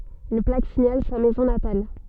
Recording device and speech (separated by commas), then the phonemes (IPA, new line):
soft in-ear microphone, read sentence
yn plak siɲal sa mɛzɔ̃ natal